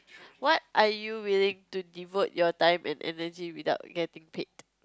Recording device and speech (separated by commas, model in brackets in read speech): close-talking microphone, conversation in the same room